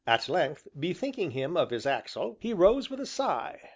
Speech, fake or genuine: genuine